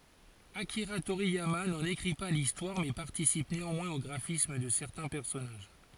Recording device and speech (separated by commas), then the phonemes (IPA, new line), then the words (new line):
forehead accelerometer, read sentence
akiʁa toʁijama nɑ̃n ekʁi pa listwaʁ mɛ paʁtisip neɑ̃mwɛ̃z o ɡʁafism də sɛʁtɛ̃ pɛʁsɔnaʒ
Akira Toriyama n'en écrit pas l'histoire mais participe néanmoins au graphisme de certains personnages.